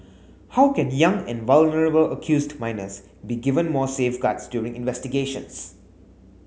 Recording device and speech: mobile phone (Samsung S8), read sentence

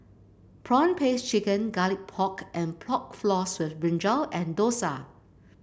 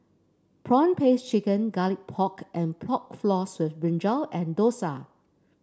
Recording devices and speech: boundary microphone (BM630), standing microphone (AKG C214), read sentence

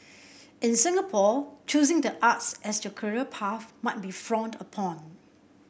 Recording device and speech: boundary microphone (BM630), read sentence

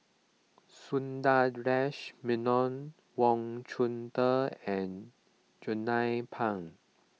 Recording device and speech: mobile phone (iPhone 6), read sentence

